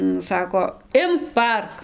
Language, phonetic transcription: Lithuanian, nu ˈsako ˈimk paˈark

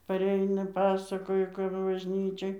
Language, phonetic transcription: Lithuanian, paˈreina ˈpasakoja kap bažˈnyčioj

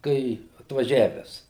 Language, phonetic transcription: Lithuanian, ˈkai atvaˈžiaves

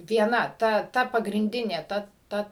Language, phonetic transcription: Lithuanian, vieˈna ˈta ˈta pagrinˈdinė ˈta ˈta

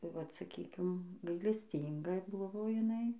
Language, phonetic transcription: Lithuanian, tai vat saˈkykim gailesˈtynga ˈbuvo jiˈnai

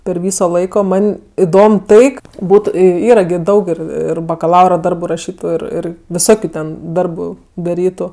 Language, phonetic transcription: Lithuanian, per ˈvyso ˈlaiko ˈman' iˈdom ˈtai k ˈbūtu ˈyra gi ˈdaug ˈir ir bakaˈlaura ˈdarbu raˈšytu ir ˈir viˈsokiu ten ˈdarbu daˈrytu

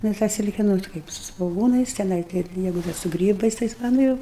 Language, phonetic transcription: Lithuanian, ˈnu tą ˈsilke ˈnu ta ˈkaip su svoˈgūnais teˈnai ˈkaip ˈjeigu ˈdar su ˈgrybais ˈtais va ˈnu ir

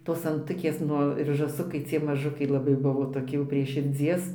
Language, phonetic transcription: Lithuanian, tos anˈtukės ˈnu ir žąˈsukai cie maˈžukai laˈbai ˈbuvo toˈki jau prie širˈdzies

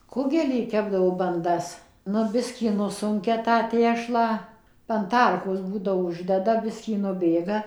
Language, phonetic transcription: Lithuanian, ˈkugelį ˈkepdavo banˈdas ˈnu ˈbiskį ˈnusunkia tą ˈtešlą an ˈtarkos ˈbūdavo ˈuždeda ˈbiskį nuˈbėga

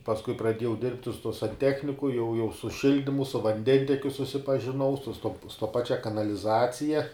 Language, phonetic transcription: Lithuanian, pasˈkui praˈdiejau ˈdirbti su tuo sanˈtechniku jau jau su ˈšildimu su vanˈdentekiu susipažiˈnau su stop sto ˈpačia kanaliˈzacija

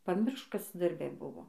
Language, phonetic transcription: Lithuanian, paˈmiršk ˈkas darˈbe ˈbuvo

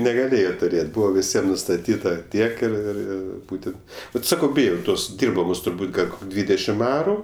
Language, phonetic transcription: Lithuanian, negaˈlėjo tuˈrėt' ˈbūva viˈsiem nustaˈtyta ˈtiek ir ir ˈir ˈbūtent ˈbet ˈsakau ˈbijau ˈtos ˈdirbamos turˈbūt ˈgal' ˈkok' ˈdvydešim ˈaru

